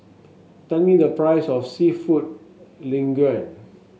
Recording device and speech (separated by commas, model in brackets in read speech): mobile phone (Samsung S8), read sentence